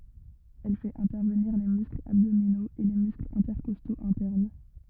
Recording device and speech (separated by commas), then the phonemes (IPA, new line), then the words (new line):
rigid in-ear microphone, read sentence
ɛl fɛt ɛ̃tɛʁvəniʁ le mysklz abdominoz e le mysklz ɛ̃tɛʁkɔstoz ɛ̃tɛʁn
Elle fait intervenir les muscles abdominaux et les muscles intercostaux internes.